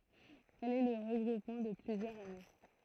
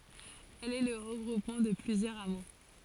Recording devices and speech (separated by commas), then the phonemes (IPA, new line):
throat microphone, forehead accelerometer, read sentence
ɛl ɛ lə ʁəɡʁupmɑ̃ də plyzjœʁz amo